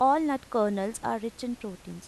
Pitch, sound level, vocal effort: 225 Hz, 86 dB SPL, normal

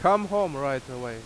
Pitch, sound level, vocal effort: 140 Hz, 93 dB SPL, very loud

